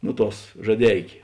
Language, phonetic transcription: Lithuanian, ˈnu ˌtuos žaˈdeikė

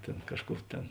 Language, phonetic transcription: Lithuanian, ˈtėn ˈkažˌkų ˈtėn

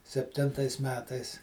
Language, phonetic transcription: Lithuanian, sepˈtintais ˈmetais

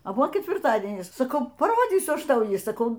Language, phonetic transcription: Lithuanian, a ˈbuvo ketvirˈtadienis saˈkau paˈrodzysiu ˈaš ˈtau ˈjį saˈkau

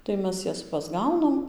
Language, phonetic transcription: Lithuanian, tai ˈmes ˈjas pasˈgaunam

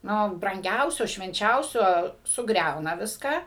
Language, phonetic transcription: Lithuanian, ˈnu branˈgiausio švenˈčiausio suˈgriauna ˈviską

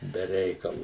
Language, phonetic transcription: Lithuanian, be ˈreikalu

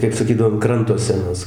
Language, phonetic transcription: Lithuanian, kaip saˈkydavo an ˈkranto seˈnus

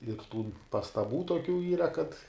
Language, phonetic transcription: Lithuanian, ir tų pastaˈbų toˈkių ˈyra kad

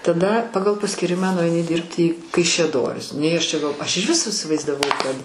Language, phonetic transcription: Lithuanian, taˈda ˈpagal paskyˈrimą nuaiˈni ˈdirbti į kaišiaˈdoris nei ˈaš čia ˈgal ˈaš ižˈvis isivaizdaˈvau kad

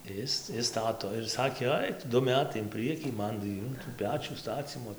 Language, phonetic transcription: Lithuanian, ˈis ˈis ˈstato ir ˈsakė ˈaik tu ˈdu ˈmetai in ˈprɨekį ˈman tai ˈjų tų ˈpečių ˈstacymo

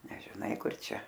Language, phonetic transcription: Lithuanian, nežiˈnai ˈkur ˈčia

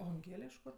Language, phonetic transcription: Lithuanian, o anˈgėle iš ˈkur

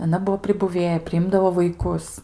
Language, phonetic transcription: Lithuanian, aˈna ˈbuvo pribuˈvėja priˈimdavo vaiˈkus

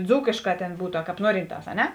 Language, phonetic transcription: Lithuanian, ˈdzūkėšˌkā ˈtėn ˈbūtu a ˈkāp ˈnuorinˌtās a ˈne

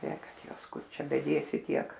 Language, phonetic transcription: Lithuanian, ė ˈkad ˈjuos ˈkur ˈčia beˈdėsi ˈtiek

